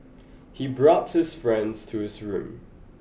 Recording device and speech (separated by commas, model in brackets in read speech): boundary microphone (BM630), read sentence